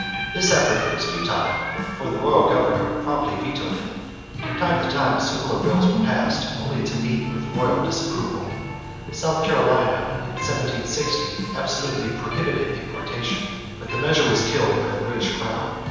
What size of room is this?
A big, very reverberant room.